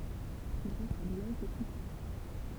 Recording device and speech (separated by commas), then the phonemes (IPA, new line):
temple vibration pickup, read sentence
il ʁəswa lelɔʒ de kʁitik